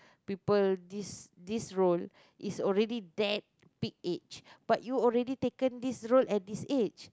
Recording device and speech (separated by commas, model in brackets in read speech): close-talking microphone, conversation in the same room